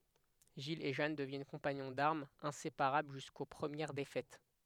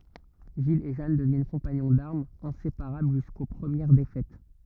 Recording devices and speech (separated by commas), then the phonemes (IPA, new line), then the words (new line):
headset microphone, rigid in-ear microphone, read sentence
ʒil e ʒan dəvjɛn kɔ̃paɲɔ̃ daʁmz ɛ̃sepaʁabl ʒysko pʁəmjɛʁ defɛt
Gilles et Jeanne deviennent compagnons d'armes, inséparables jusqu'aux premières défaites.